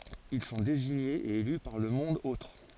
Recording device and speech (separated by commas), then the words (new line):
forehead accelerometer, read sentence
Ils sont désignés et élus par le monde-autre.